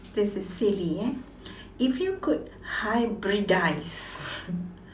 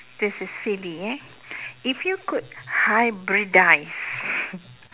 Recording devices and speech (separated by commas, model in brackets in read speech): standing microphone, telephone, conversation in separate rooms